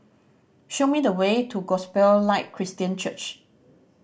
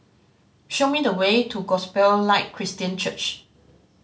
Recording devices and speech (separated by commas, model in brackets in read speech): boundary microphone (BM630), mobile phone (Samsung C5010), read sentence